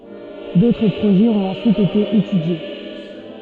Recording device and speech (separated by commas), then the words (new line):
soft in-ear microphone, read sentence
D'autres projets ont ensuite été étudiés.